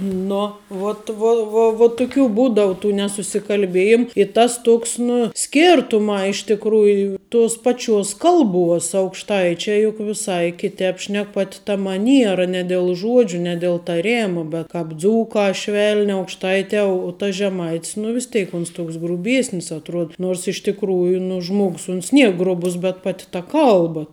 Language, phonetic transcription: Lithuanian, ˈno vot ˈvo vo vo tuˈkių ˈbūdau tų nesusikalˈbėjim i ˈtas ˈtoks ˈnu ˈskirtumā iš tikˈrųju ˈtuos ˈpaˌčiuos ˈkalˌbuos aukšˈtaičiai juk viˈsai ˈkiˌtēp ˈšnek ˈpati ta maˈniera ne del ˈžuodžiu ne del taˈremu be kāp ˈdzūkā ˈšvelni aukšˈtaitē u tas žeˈmait's nu vis ˈtėk ˈuns ˈtoks gruˈbiėsnis atˈruod ˈnors iš tikˈrųju nu ˈžmogs uns ˈnier ˈgrubus bet ˈpati ta ˈkalba

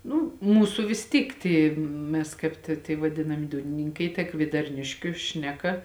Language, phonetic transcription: Lithuanian, ˈnu ˈmūsu vis ˈtyk ˈty ˈmes kaip tė tie vaˈdinami ˈdūnininkai ta kviedarˈniškiu ˈšneˌka

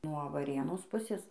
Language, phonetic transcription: Lithuanian, nuo vaˈrėnos ˈpusės

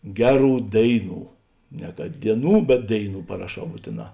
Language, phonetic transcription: Lithuanian, ˈgeˌrų ˈdėiˌnų ne kad dieˈnų bet ˈdėiˌnų paraˈšau ˈbūtėˌnā

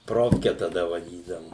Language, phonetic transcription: Lithuanian, ˈprofke taˈda vaˈdydavu

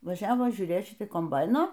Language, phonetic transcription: Lithuanian, vaˈžiavo žiūˈrėt ˈšiti komˈbaino

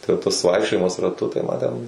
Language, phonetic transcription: Lithuanian, tai tas ˈvaikščiojimas raˈtu tai ma ten

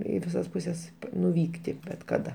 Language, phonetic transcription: Lithuanian, ˈį viˈsas puˈses nuˈvykti bet kaˈda

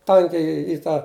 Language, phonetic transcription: Lithuanian, ˈtankiai i ˈtą

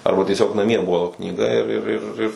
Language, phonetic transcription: Lithuanian, ˈarba tieˈsiog naˈmie ˈbuvo knyˈga ir ir ˈir ir

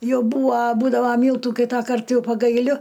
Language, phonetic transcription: Lithuanian, ˈjau ˈbūva ˈbūdava ˈmyltų ˈkytakart ˈjau pagaiˈliu

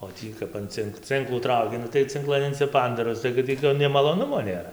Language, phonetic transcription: Lithuanian, o ˈtį kap an ˈcink ˈcinklų ˈtrauki ˈnu tai cinˈklan insiˈpandaˈros tai kad ˈtį to nei maloˈnumo nėˈra

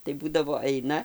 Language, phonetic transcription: Lithuanian, tai ˈbūdavo ˈaina

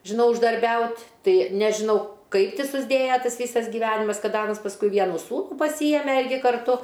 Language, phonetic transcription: Lithuanian, žiˈnau uždarˈbiaut' ˈtai nežiˈnau ˈkaip ˈti susˈdėja ˈtas ˈvysas giˈvenimas ˈkad ˈanas pasˈkui ˈvienų ˈsūnų paˈsyjeme ˈirgi karˈtu

